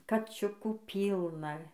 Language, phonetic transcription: Lithuanian, kaˈčiukų ˈpylna

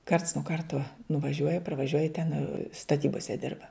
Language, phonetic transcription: Lithuanian, karts nuo ˈkartuo nuvaˈžiuoja parvaˈžiuoja ten staˈtybose ˈdirba

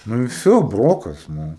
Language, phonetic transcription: Lithuanian, ˈnu i ˈvsio ˈbrokas ˈnu

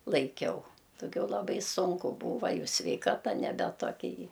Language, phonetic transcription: Lithuanian, laiˈkiau daˈgiau laˈbai ˈsunku ˈbūva ˈjau sveiˈkata neˈbe toˈkia jy

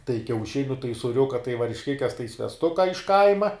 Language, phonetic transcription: Lithuanian, tai kiauˈšiniu tai suˈriuka tai varšˈkikes tai svesˈtuka iš ˈkaima

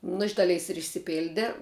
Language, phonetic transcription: Lithuanian, nu iš ˈdaˌleis ir išsiˈpilde

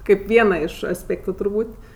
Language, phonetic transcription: Lithuanian, ˈkaip ˈviena iš asˈpėktu turˈbūt'

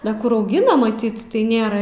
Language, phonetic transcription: Lithuanian, da ˈkur auˈgina maˈtyt tai ˈnėra

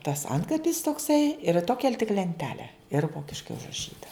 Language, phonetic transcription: Lithuanian, tas ˈantkapis tokˈsai ir ˈtokia tik lenˈtele ir ˈvokiškai užraˈšyta

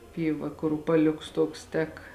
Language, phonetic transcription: Lithuanian, ˈpyˌva kur upaˈliuks ˈtuoks ˈtek

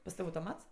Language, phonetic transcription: Lithuanian, pas ˈtav' autoˈmats

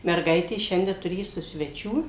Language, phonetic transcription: Lithuanian, merˈgaitės ˈšiande turėˈsu sveˈčių

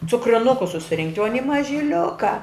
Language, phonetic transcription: Lithuanian, cukriˈnukus susiˈrinkt' o aˈni mažiˈliuka

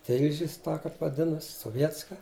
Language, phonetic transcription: Lithuanian, ˈtilžis tą ˈkap vaˈdinas soˈvietska

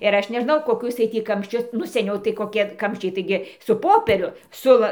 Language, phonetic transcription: Lithuanian, ir ˈaš neˈžnau koˈkus jiej ˈtį kamšˈčius nu seˈniau tai koˈkie ˈkamščiai taiˈgi su ˈpopieriu ˈsu va

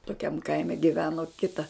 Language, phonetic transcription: Lithuanian, toˈkiam ˈkaime giˈveno ˈkita

